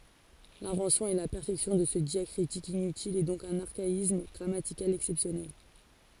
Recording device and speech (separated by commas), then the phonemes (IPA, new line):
forehead accelerometer, read sentence
lɛ̃vɑ̃sjɔ̃ e la pɛʁfɛksjɔ̃ də sə djakʁitik inytil ɛ dɔ̃k dœ̃n aʁkaism ɡʁamatikal ɛksɛpsjɔnɛl